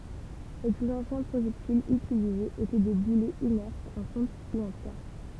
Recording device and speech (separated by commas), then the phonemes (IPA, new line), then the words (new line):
temple vibration pickup, read sentence
le plyz ɑ̃sjɛ̃ pʁoʒɛktilz ytilizez etɛ de bulɛz inɛʁtz ɑ̃ fɔ̃t u ɑ̃ pjɛʁ
Les plus anciens projectiles utilisés étaient des boulets inertes en fonte ou en pierre.